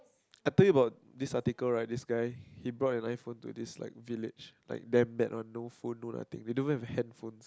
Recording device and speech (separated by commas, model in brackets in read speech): close-talking microphone, conversation in the same room